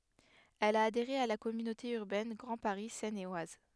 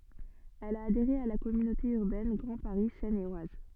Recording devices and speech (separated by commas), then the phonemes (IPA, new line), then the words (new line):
headset microphone, soft in-ear microphone, read sentence
ɛl a adeʁe a la kɔmynote yʁbɛn ɡʁɑ̃ paʁi sɛn e waz
Elle a adhéré à la Communauté urbaine Grand Paris Seine et Oise.